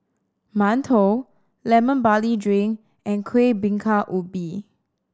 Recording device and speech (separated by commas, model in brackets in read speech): standing microphone (AKG C214), read sentence